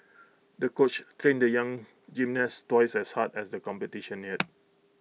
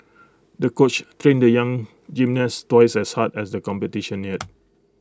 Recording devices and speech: mobile phone (iPhone 6), close-talking microphone (WH20), read sentence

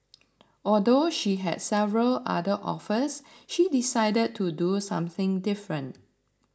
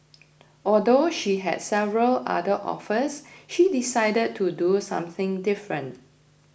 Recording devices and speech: standing microphone (AKG C214), boundary microphone (BM630), read sentence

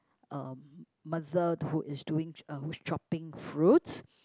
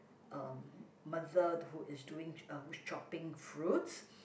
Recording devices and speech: close-talking microphone, boundary microphone, conversation in the same room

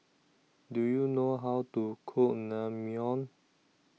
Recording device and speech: mobile phone (iPhone 6), read sentence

